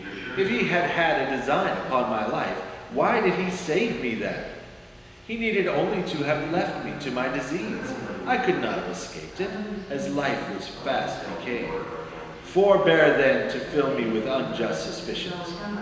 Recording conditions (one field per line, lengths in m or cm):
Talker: one person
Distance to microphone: 1.7 m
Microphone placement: close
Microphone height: 1.0 m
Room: very reverberant, large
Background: television